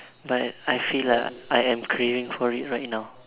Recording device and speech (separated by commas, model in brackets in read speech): telephone, conversation in separate rooms